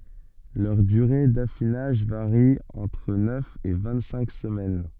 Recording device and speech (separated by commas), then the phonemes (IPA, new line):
soft in-ear microphone, read sentence
lœʁ dyʁe dafinaʒ vaʁi ɑ̃tʁ nœf e vɛ̃ɡtsɛ̃k səmɛn